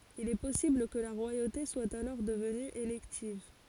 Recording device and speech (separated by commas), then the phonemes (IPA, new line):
forehead accelerometer, read sentence
il ɛ pɔsibl kə la ʁwajote swa alɔʁ dəvny elɛktiv